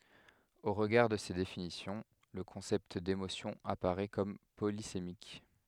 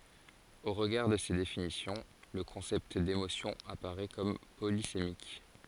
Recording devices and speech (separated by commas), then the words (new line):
headset microphone, forehead accelerometer, read sentence
Au regard de ces définitions, le concept d’émotion apparaît comme polysémique.